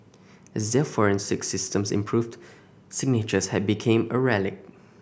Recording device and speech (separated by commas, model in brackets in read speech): boundary microphone (BM630), read sentence